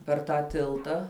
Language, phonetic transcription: Lithuanian, per ˈtą ˈtiltą

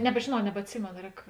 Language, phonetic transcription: Lithuanian, nebžėˈnau nebatˈsimėno ˈrēk

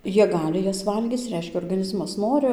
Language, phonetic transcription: Lithuanian, ˈjie ˈgali ˈjas ˈvalgyc ˈreiškia orgaˈnizmas ˈnori

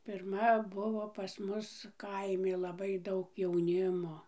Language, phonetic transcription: Lithuanian, pirˈma ˈbuvo pas ˈmus ˈkaimi laˈbai ˈdaug jauˈnimo

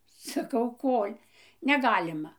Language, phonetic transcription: Lithuanian, saˈkau ˈkol' neˈgalima

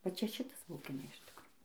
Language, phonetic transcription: Lithuanian, va ˈčia ˈšitas bauˈgina iš ˈtikro

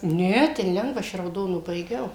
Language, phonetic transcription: Lithuanian, ˈne ˈten ˈlengva ˈaš i rauˈdonu baiˈgiau

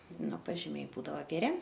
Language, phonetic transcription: Lithuanian, ˈnu pažiˈmiai ˈbūdavo geˈri

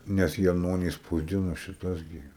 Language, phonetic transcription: Lithuanian, ˈnes jaˈnony spausˈdino šiˈtuos ˈgi

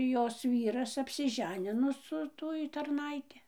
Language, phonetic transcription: Lithuanian, ˈjos ˈvyras apsiˈženino su ˈtuoj tarˈnaiti

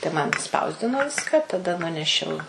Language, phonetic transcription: Lithuanian, tai ˈman išˈspausdino ˈviska ˈtada ˈnunešiau

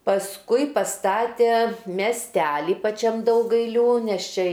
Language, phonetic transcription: Lithuanian, pasˈkui paˈstatė mesˈteli paˈčiam daugailˈių nes ˈčia

